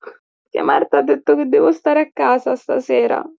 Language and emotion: Italian, sad